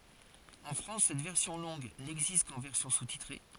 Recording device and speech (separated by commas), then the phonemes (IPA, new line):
forehead accelerometer, read sentence
ɑ̃ fʁɑ̃s sɛt vɛʁsjɔ̃ lɔ̃ɡ nɛɡzist kɑ̃ vɛʁsjɔ̃ sustitʁe